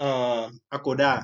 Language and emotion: Thai, neutral